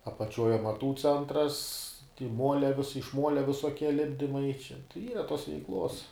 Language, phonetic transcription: Lithuanian, apaˈčiuoj amaˈtų ˈcentras ti ˈmuolia vis iš ˈmuolia visoˈkie ˈlipdimai čia ˈyra tos veikˈlos

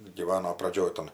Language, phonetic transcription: Lithuanian, gyˈvano praˈdžioj tan

